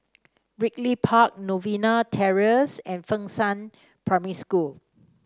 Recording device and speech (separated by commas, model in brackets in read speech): standing microphone (AKG C214), read sentence